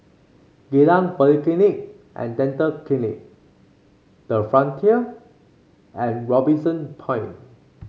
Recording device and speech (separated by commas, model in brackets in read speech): mobile phone (Samsung C5), read sentence